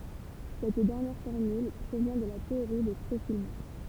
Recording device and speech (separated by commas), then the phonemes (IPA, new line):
temple vibration pickup, read sentence
sɛt dɛʁnjɛʁ fɔʁmyl pʁovjɛ̃ də la teoʁi de pʁofil mɛ̃s